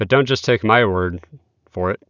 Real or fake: real